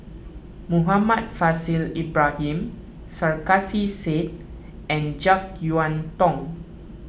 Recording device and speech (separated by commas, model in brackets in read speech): boundary microphone (BM630), read sentence